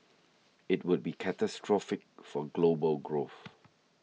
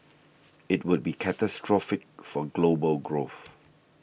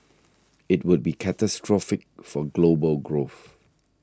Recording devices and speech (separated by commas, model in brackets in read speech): mobile phone (iPhone 6), boundary microphone (BM630), standing microphone (AKG C214), read sentence